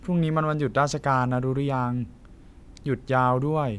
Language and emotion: Thai, neutral